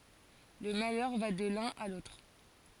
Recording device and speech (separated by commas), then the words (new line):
forehead accelerometer, read sentence
Le malheur va de l'un à l'autre.